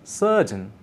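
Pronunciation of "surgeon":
In 'surgeon', the r is silent.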